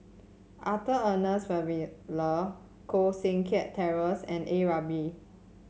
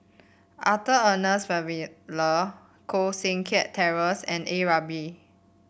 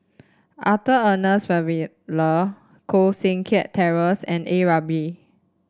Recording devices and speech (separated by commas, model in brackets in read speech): mobile phone (Samsung C7), boundary microphone (BM630), standing microphone (AKG C214), read sentence